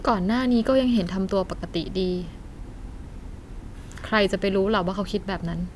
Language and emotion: Thai, neutral